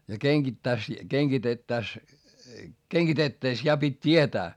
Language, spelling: Finnish, ja kengittäisi kengitettäessä kengitettäessä ja piti tietää
- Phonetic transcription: ja keŋGittäis , keŋGitettäs , keŋGitettä₍es ja pit́ t́ietää .

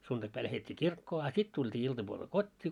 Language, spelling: Finnish, sunnuntaipäivänä lähdettiin kirkkoon a sitten tultiin iltapuolella kotiin
- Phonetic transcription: suntakpäi lähet́t́ii "kirkkoo a 'sit tult́ii 'iltapuolel "kot́t́ii .

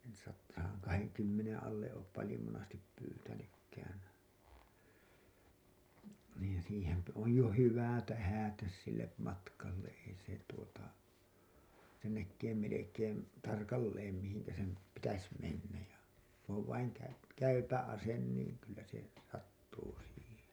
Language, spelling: Finnish, - sadan kahdenkymmenen alle ole paljon monesti pyytänytkään niin siihen on jo hyvä tähdätä sille matkalle ei se tuota sen näkee melkein tarkalleen mihin sen pitäisi mennä ja kun on vain - käypä ase niin kyllä se sattuu siihen
- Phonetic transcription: sat- , saaŋ 'kaheŋkymmeneḛ alle 'oop palĭjo monastip pyytänykkään̬ , niin siihemp- , oj jo "hyvä̀ "tähä̀täs sille , 'matkalle , ei se tuota , sen näkkee melekeem§ , 'tarkalleem mihiŋkä sem , 'pitäs mennä§ ja , ku ‿ov vaiŋ käy- , "käypä 'asen niin̬ , kyllä se , 'sattuu siihen̬ .

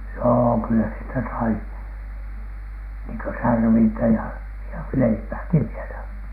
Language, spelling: Finnish, joo kyllä sieltä sai niin kuin särvintä ja ja leipääkin vielä
- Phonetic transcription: joo , kyllä sieltä sai , niiŋ kö 'särvintä ja , ja "leipääki 'vielä .

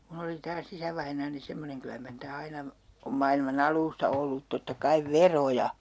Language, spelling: Finnish, minun oli taas isävainaani semmoinen kyllä mar niitä aina on maailman alusta ollut totta kai veroja
- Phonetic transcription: 'mun ‿oli taa's ‿isävainaani 'semmoneŋ 'kylä mar niitä 'aina , om mailma"n ‿al̀uusta ollut 'totta 'kaiv "veroja .

